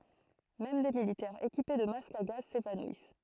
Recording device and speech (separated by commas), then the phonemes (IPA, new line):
throat microphone, read sentence
mɛm de militɛʁz ekipe də mask a ɡaz sevanwis